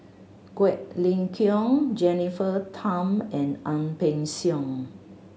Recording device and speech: mobile phone (Samsung C7100), read sentence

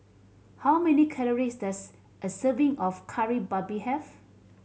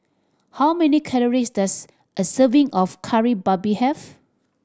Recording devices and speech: mobile phone (Samsung C7100), standing microphone (AKG C214), read sentence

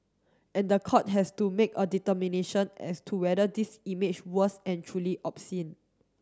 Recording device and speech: standing microphone (AKG C214), read sentence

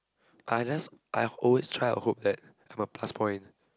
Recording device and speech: close-talking microphone, conversation in the same room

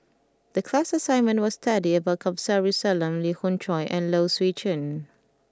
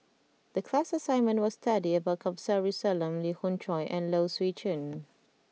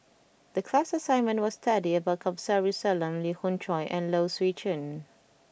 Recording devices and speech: close-talking microphone (WH20), mobile phone (iPhone 6), boundary microphone (BM630), read sentence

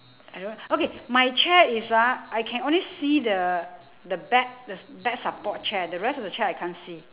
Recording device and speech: telephone, conversation in separate rooms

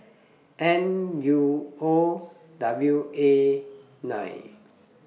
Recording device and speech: mobile phone (iPhone 6), read sentence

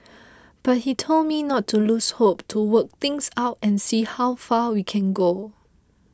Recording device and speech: close-talking microphone (WH20), read sentence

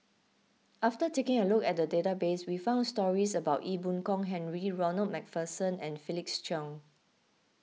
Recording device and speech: mobile phone (iPhone 6), read sentence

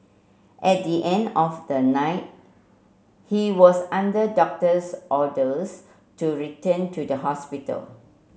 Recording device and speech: mobile phone (Samsung C7), read sentence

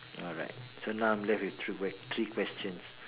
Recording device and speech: telephone, conversation in separate rooms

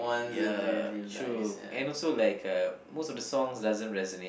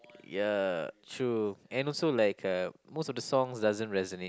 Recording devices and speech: boundary microphone, close-talking microphone, conversation in the same room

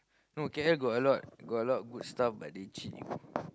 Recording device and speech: close-talking microphone, conversation in the same room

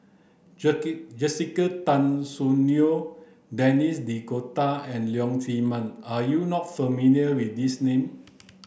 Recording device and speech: boundary microphone (BM630), read sentence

